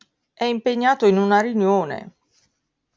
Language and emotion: Italian, sad